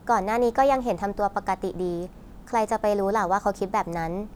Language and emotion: Thai, neutral